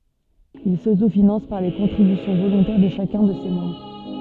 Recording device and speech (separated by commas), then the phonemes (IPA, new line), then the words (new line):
soft in-ear microphone, read sentence
il sotofinɑ̃s paʁ le kɔ̃tʁibysjɔ̃ volɔ̃tɛʁ də ʃakœ̃ də se mɑ̃bʁ
Ils s'autofinancent par les contributions volontaires de chacun de ses membres.